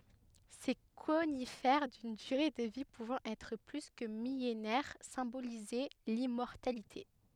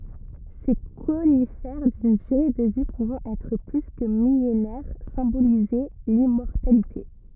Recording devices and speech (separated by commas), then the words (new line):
headset microphone, rigid in-ear microphone, read sentence
Ces conifères d’une durée de vie pouvant être plus que millénaire symbolisaient l’immortalité.